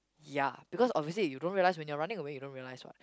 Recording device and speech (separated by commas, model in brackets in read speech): close-talking microphone, conversation in the same room